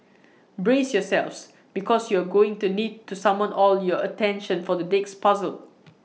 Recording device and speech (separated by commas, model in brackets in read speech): mobile phone (iPhone 6), read sentence